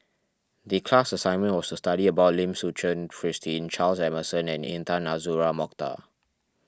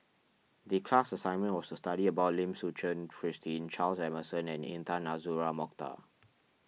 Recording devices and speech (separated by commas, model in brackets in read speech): standing microphone (AKG C214), mobile phone (iPhone 6), read sentence